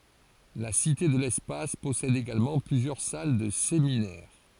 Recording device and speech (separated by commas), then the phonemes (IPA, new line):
forehead accelerometer, read sentence
la site də lɛspas pɔsɛd eɡalmɑ̃ plyzjœʁ sal də seminɛʁ